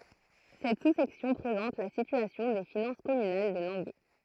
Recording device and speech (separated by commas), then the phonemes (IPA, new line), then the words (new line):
throat microphone, read sentence
sɛt susɛksjɔ̃ pʁezɑ̃t la sityasjɔ̃ de finɑ̃s kɔmynal də lɑ̃ɡø
Cette sous-section présente la situation des finances communales de Langueux.